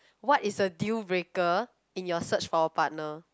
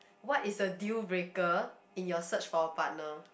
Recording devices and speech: close-talking microphone, boundary microphone, conversation in the same room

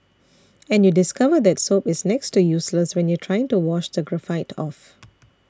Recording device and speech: standing microphone (AKG C214), read sentence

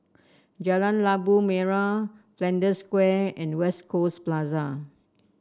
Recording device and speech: standing microphone (AKG C214), read sentence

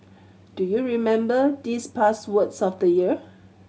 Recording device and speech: mobile phone (Samsung C7100), read sentence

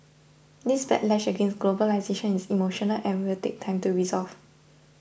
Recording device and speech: boundary microphone (BM630), read sentence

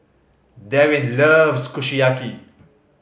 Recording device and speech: mobile phone (Samsung C5010), read sentence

